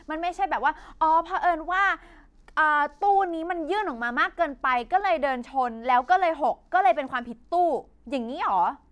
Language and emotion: Thai, frustrated